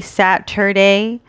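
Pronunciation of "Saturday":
'Saturday' is said kind of slowly here.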